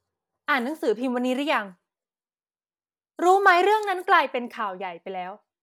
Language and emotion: Thai, frustrated